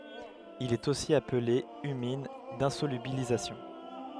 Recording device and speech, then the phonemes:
headset microphone, read sentence
il ɛt osi aple ymin dɛ̃solybilizasjɔ̃

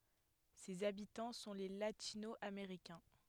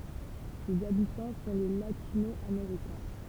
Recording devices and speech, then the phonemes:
headset microphone, temple vibration pickup, read sentence
sez abitɑ̃ sɔ̃ le latino ameʁikɛ̃

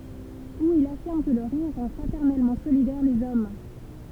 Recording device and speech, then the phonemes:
temple vibration pickup, read sentence
u il afiʁm kə lə ʁiʁ ʁɑ̃ fʁatɛʁnɛlmɑ̃ solidɛʁ lez ɔm

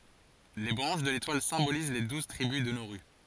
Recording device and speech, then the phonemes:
forehead accelerometer, read sentence
le bʁɑ̃ʃ də letwal sɛ̃boliz le duz tʁibys də noʁy

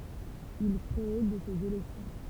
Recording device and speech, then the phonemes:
temple vibration pickup, read sentence
il kʁe də sez elɛksjɔ̃

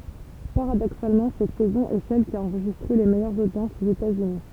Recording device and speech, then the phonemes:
temple vibration pickup, read sentence
paʁadoksalmɑ̃ sɛt sɛzɔ̃ ɛ sɛl ki a ɑ̃ʁʒistʁe le mɛjœʁz odjɑ̃sz oz etatsyni

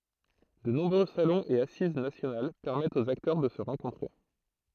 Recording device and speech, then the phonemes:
throat microphone, read sentence
də nɔ̃bʁø salɔ̃z e asiz nasjonal pɛʁmɛtt oz aktœʁ də sə ʁɑ̃kɔ̃tʁe

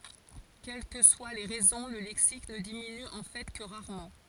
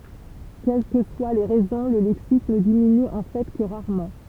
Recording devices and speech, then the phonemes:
forehead accelerometer, temple vibration pickup, read sentence
kɛl kə swa le ʁɛzɔ̃ lə lɛksik nə diminy ɑ̃ fɛ kə ʁaʁmɑ̃

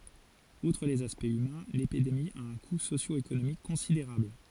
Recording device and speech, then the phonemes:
forehead accelerometer, read sentence
utʁ lez aspɛktz ymɛ̃ lepidemi a œ̃ ku sosjoekonomik kɔ̃sideʁabl

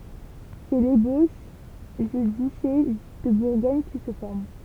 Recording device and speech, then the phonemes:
temple vibration pickup, read sentence
sɛ leboʃ dy dyʃe də buʁɡɔɲ ki sə fɔʁm

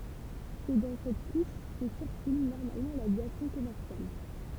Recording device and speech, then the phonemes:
temple vibration pickup, read sentence
sɛ dɑ̃ sɛt kuʃ kə siʁkyl nɔʁmalmɑ̃ lavjasjɔ̃ kɔmɛʁsjal

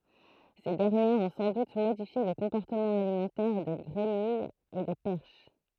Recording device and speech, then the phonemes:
throat microphone, read sentence
se dɛʁnjɛʁz ɔ̃ sɑ̃ dut modifje lə kɔ̃pɔʁtəmɑ̃ alimɑ̃tɛʁ de ɡʁemijz e de pɛʁʃ

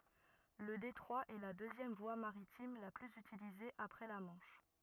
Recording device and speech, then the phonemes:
rigid in-ear microphone, read sentence
lə detʁwa ɛ la døzjɛm vwa maʁitim la plyz ytilize apʁɛ la mɑ̃ʃ

